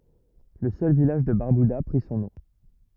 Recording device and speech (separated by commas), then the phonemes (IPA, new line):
rigid in-ear microphone, read sentence
lə sœl vilaʒ də baʁbyda pʁi sɔ̃ nɔ̃